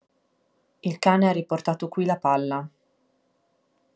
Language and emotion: Italian, neutral